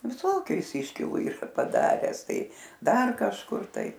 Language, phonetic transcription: Lithuanian, viˈsokiu ˈjis ˈiškilu ˈyra paˈdares ˈtai ˈdar kažˈkur ˈtai

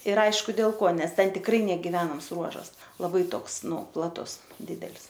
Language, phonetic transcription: Lithuanian, ir ˈaišku dėl ˈko ˈnes ˈten tikˈrai negiˈvenams ˈruožas laˈbai ˈtoks ˈnu plaˈtus ˈdidel's

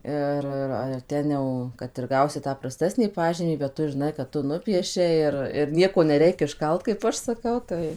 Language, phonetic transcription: Lithuanian, ˈir ir ar ˈten jau kad ir ˈgausi ˈtą praˈstesnį ˈpažymį bet ˈtu žiˈnai kad ˈtu ˈnupiešei ir ir ˈnieko neˈreik išˈkalt kaip ˈaš saˈkau ˈtai

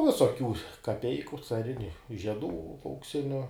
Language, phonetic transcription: Lithuanian, ˈvisokių kaˈpeiku caˈriniu žieˈdų aukˈsiniu

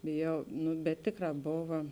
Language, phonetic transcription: Lithuanian, bėˈjau ˈnu bet ˈtėˌkrā ˈbova

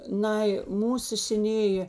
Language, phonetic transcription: Lithuanian, ˈnai ˈmūsu seˈnėjė

